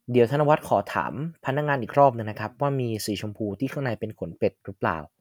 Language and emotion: Thai, neutral